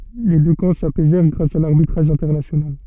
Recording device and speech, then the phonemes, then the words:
soft in-ear microphone, read sentence
le dø kɑ̃ sapɛzɛʁ ɡʁas a laʁbitʁaʒ ɛ̃tɛʁnasjonal
Les deux camps s'apaisèrent grâce à l'arbitrage international.

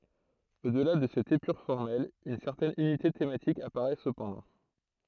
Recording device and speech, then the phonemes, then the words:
throat microphone, read sentence
o dəla də sɛt epyʁ fɔʁmɛl yn sɛʁtɛn ynite tematik apaʁɛ səpɑ̃dɑ̃
Au-delà de cette épure formelle, une certaine unité thématique apparaît cependant.

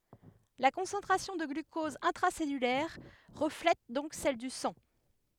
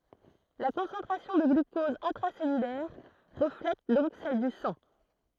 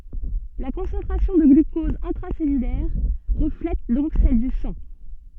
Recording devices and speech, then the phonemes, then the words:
headset microphone, throat microphone, soft in-ear microphone, read sentence
la kɔ̃sɑ̃tʁasjɔ̃ də ɡlykɔz ɛ̃tʁasɛlylɛʁ ʁəflɛt dɔ̃k sɛl dy sɑ̃
La concentration de glucose intracellulaire reflète donc celle du sang.

